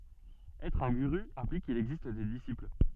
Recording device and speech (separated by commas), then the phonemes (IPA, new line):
soft in-ear microphone, read sentence
ɛtʁ œ̃ ɡyʁy ɛ̃plik kil ɛɡzist de disipl